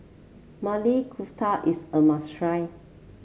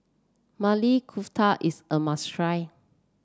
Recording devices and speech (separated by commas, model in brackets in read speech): mobile phone (Samsung C7), standing microphone (AKG C214), read sentence